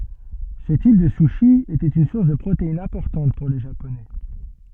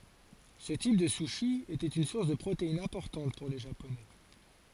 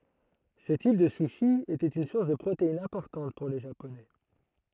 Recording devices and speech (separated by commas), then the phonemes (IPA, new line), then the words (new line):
soft in-ear microphone, forehead accelerometer, throat microphone, read sentence
sə tip də suʃi etɛt yn suʁs də pʁoteinz ɛ̃pɔʁtɑ̃t puʁ le ʒaponɛ
Ce type de sushi était une source de protéines importante pour les Japonais.